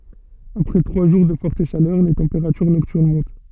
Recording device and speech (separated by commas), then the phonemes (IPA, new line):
soft in-ear microphone, read sentence
apʁɛ tʁwa ʒuʁ də fɔʁt ʃalœʁ le tɑ̃peʁatyʁ nɔktyʁn mɔ̃t